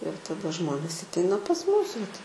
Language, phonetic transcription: Lithuanian, ir taˈda ˈžmonės atˈeina pas ˈmūs vat

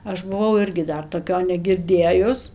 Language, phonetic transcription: Lithuanian, ˈaš buˈvau ˈirgi ˈdar toˈkio negirˈdėjus

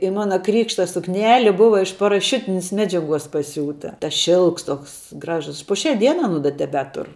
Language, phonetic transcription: Lithuanian, i ˈmana ˈkrykšta sukˈneli ˈbuva iš paraˈšiutinis ˈmedžiaˌguos paˈsiūta tas ˈšilks ˈtoks ˈgražus pu ˈšia ˈdiena aˈnu da teˈbetur

